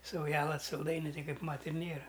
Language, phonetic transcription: Lithuanian, sauˈjela salˈdainiu ˈtai ˈkaip ˈmat ir ˈnėra

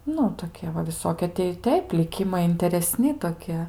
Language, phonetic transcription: Lithuanian, ˈnu toˈkie va viˈsokie tei i ˈteip liˈkimai intereˈsni toˈkie

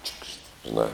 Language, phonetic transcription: Lithuanian, čiukšt žiˈnā

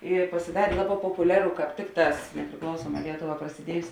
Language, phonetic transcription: Lithuanian, i pasiˈdarė ˈlaˌbā popuˈliaru kāp ˈtikˌtās nepriˈklausuoˌmā ˈlietoˌvā prasiˈdiejus

